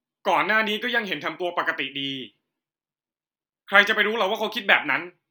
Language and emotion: Thai, angry